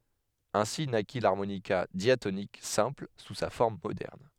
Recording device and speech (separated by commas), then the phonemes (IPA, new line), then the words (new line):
headset microphone, read sentence
ɛ̃si naki laʁmonika djatonik sɛ̃pl su sa fɔʁm modɛʁn
Ainsi naquit l'harmonica diatonique simple sous sa forme moderne.